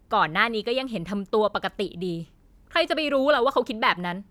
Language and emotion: Thai, frustrated